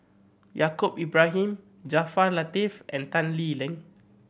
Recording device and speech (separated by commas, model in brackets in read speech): boundary microphone (BM630), read sentence